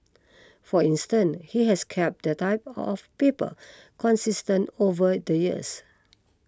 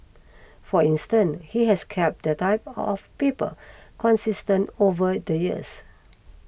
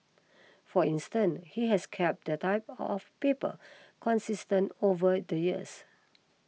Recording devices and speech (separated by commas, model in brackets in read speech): close-talking microphone (WH20), boundary microphone (BM630), mobile phone (iPhone 6), read sentence